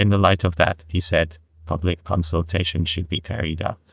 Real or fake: fake